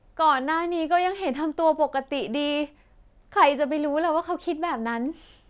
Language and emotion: Thai, happy